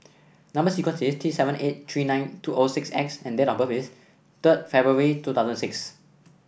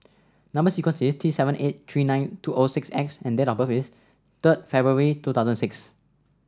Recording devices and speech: boundary microphone (BM630), standing microphone (AKG C214), read sentence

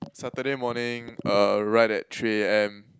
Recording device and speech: close-talking microphone, conversation in the same room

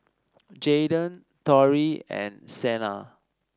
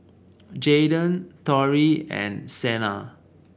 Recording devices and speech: standing microphone (AKG C214), boundary microphone (BM630), read sentence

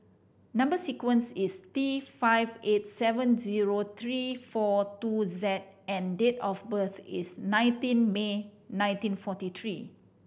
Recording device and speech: boundary microphone (BM630), read sentence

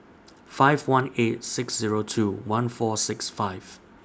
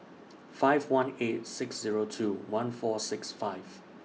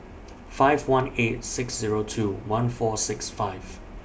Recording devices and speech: standing microphone (AKG C214), mobile phone (iPhone 6), boundary microphone (BM630), read sentence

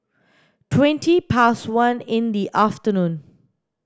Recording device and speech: standing microphone (AKG C214), read sentence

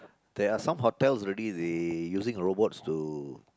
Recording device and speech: close-talking microphone, conversation in the same room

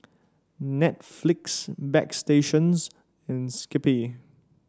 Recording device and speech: standing microphone (AKG C214), read sentence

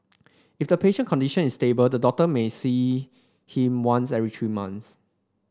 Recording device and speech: standing microphone (AKG C214), read sentence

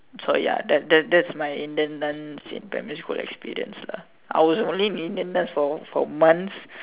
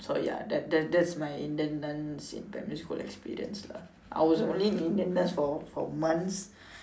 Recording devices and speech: telephone, standing microphone, conversation in separate rooms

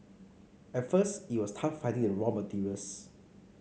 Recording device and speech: mobile phone (Samsung C5), read sentence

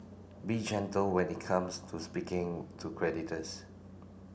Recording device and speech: boundary microphone (BM630), read sentence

